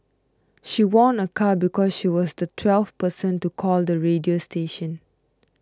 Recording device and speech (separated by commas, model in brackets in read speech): close-talking microphone (WH20), read sentence